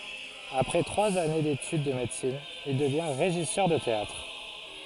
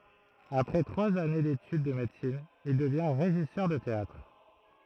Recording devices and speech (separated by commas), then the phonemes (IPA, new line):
forehead accelerometer, throat microphone, read sentence
apʁɛ tʁwaz ane detyd də medəsin il dəvjɛ̃ ʁeʒisœʁ də teatʁ